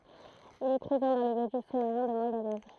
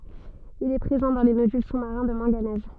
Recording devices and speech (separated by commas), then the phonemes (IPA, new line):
throat microphone, soft in-ear microphone, read sentence
il ɛ pʁezɑ̃ dɑ̃ le nodyl su maʁɛ̃ də mɑ̃ɡanɛz